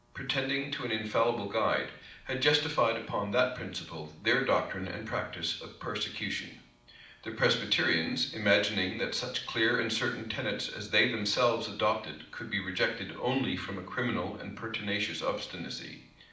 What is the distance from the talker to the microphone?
2.0 m.